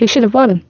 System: VC, spectral filtering